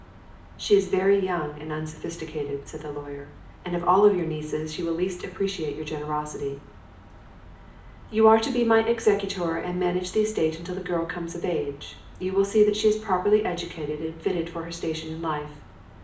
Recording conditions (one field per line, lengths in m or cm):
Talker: one person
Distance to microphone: 2.0 m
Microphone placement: close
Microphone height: 99 cm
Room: medium-sized (5.7 m by 4.0 m)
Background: none